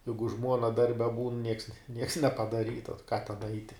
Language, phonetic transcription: Lithuanian, ˈjeigu ˈžmuona ˈdarbe būn nieks nieks nepadaˈryta tai ką ten ˈaiti

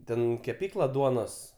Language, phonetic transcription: Lithuanian, ˈten keˈpykla ˈduonos

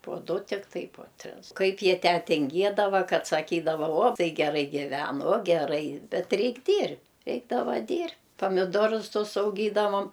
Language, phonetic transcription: Lithuanian, puo ˈdu tikˈtai po ˈtris ˈkaip ˈjie ˈtę tinˈgiedava ˈkad saˈkydava uo ˈtai geˈrai giˈven o geˈrai ˈbet ˈreik' ˈdyr' ˈreikdava ˈdyr' pamiˈdorus ˈtus auˈgydavom

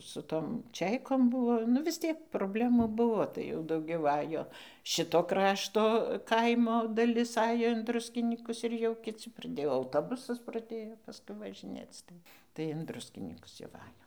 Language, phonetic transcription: Lithuanian, su ˈtom ˈčeikom ˈbuvo nu vis ˈtiek probˈlemų ˈbuvo ˈtai jau dauˈgiau ˈajo ˈšito ˈkrašto ˈkaimo daˈlis ˈajo in ˈdruskinykus ir jau kiˈci praˈdėjo auˈtobusas praˈdėjo paˈskui važiˈnėc ˈtai tai in ˈdruskinykus jau ˈva ˈajom

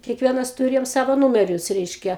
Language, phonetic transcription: Lithuanian, kiekˈvienas tuˈrėjom ˈsavo ˈnūmerius ˈreiškia

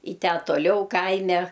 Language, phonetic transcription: Lithuanian, i ˈtę toˈliau ˈkaime

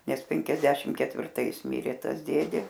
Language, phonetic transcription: Lithuanian, ˈnes ˈpenkiasdešim ketvirˈtais ˈmirė ˈtas ˈdėdė

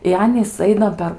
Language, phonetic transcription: Lithuanian, i ˈanys ˈaina per

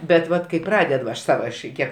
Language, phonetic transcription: Lithuanian, bet ˈvat kai ˈpraded va aš ˈsava aš ˈkiek

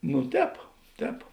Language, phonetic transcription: Lithuanian, nu ˈtēp ˈtēp

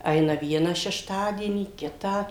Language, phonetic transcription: Lithuanian, ˈaina ˈviena šešˈtadienį ˈkitą

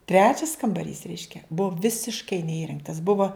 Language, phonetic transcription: Lithuanian, ˈtrečias kambaˈrys ˈreiškia ˈbuvo visišˈkai neˈįrengtas ˈbuvo

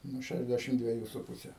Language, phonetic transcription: Lithuanian, nu ˈšæšˌdešimt dvieˈjų su ˈpuse

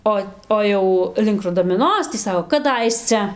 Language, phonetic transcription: Lithuanian, ˈo ˈo jau link rudamiˈnos tį ˈsako kaˈdaisce

